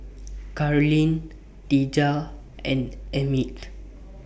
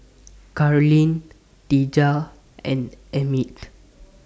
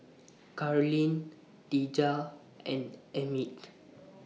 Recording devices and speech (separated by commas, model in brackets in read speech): boundary microphone (BM630), standing microphone (AKG C214), mobile phone (iPhone 6), read sentence